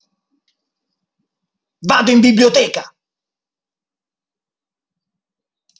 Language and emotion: Italian, angry